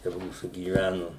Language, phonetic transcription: Lithuanian, čia ˈmūsų gyˈvænu

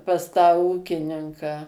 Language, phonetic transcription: Lithuanian, pas tą ˈūkininką

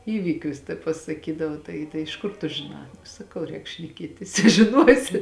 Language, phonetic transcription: Lithuanian, ˈįvykius ta pasaˈkydava ˈtai tai iš ˈkur tu žiˈnā saˈkau ˈrēk šneˈkietis i žiˈnuosi

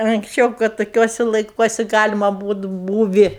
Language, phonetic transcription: Lithuanian, anksˈčiau kad toˈkiuosi laiˈkuosi ˈgalima ˈbūt ˈbūvi

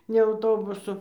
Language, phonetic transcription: Lithuanian, ne auˈtobusu

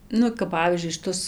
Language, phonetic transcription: Lithuanian, ˈnu kap ˈpavyzdžiui šiˈtus

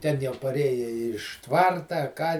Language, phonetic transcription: Lithuanian, ˈten jau paˈrėje iš ˈtvarta a ˈką

